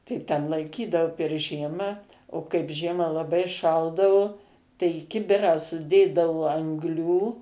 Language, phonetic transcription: Lithuanian, tai ten laiˈkydavu per ˈžiemą o kaip ˈžiemą laˈbai ˈšaldavu tai i ˈkibirą suˈdėdavo angˈlių

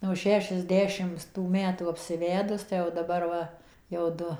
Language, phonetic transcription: Lithuanian, nuo ˌšešiasˈdešims tų ˈmetų apsiˈvedus tai jau daˈbar ˈva jau ˈdu

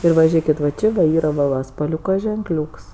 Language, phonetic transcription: Lithuanian, ˈir va ˈžėkit va ˈči da ˈyr va ˈva spaˈliūka ženkˈliūks

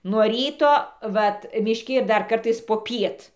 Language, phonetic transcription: Lithuanian, nuo ˈryto ˈvat mišˈki ir ˈdar ˈkartais poˈpiet

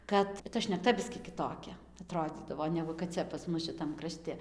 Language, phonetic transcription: Lithuanian, ˈkad ta šnekˈta ˈbiskį kiˈtokia aˈtrodzydavo ˈnegu kad ˈcia pas ˈmus šiˈtam kraˈšti

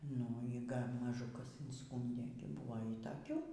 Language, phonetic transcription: Lithuanian, nu y ˈgal' maˈžu ˈkas inˈskūndė gi ˈbuvo y taˈkių

